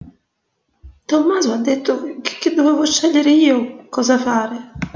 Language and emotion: Italian, fearful